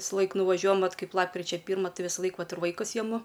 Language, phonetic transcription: Lithuanian, visˈlaik nuvaˈžiuojam ˈvat ˈkaip ˈlapkričia ˈpyrma ˈtai visˈlaik ˈvat ir vaiˈkus jeˈmu

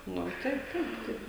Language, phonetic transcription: Lithuanian, ˈnu ˈtai ˈtaip ˈtaip

